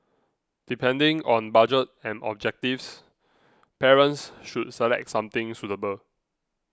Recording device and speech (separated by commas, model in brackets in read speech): close-talking microphone (WH20), read sentence